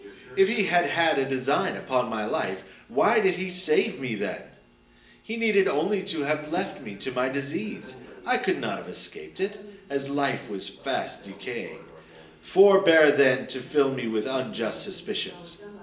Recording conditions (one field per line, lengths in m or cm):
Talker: one person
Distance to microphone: 1.8 m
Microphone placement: close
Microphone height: 1.0 m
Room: large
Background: television